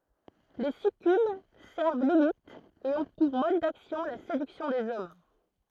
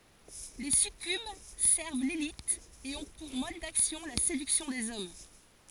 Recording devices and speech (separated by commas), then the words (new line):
throat microphone, forehead accelerometer, read sentence
Les succubes servent Lilith et ont pour mode d'action la séduction des hommes.